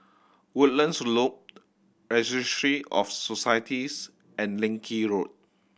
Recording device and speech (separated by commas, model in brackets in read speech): boundary microphone (BM630), read sentence